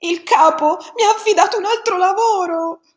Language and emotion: Italian, sad